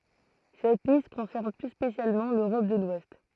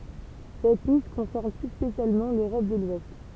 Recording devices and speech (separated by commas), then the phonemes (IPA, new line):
throat microphone, temple vibration pickup, read sentence
sɛt list kɔ̃sɛʁn ply spesjalmɑ̃ løʁɔp də lwɛst